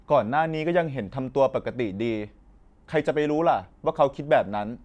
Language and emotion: Thai, frustrated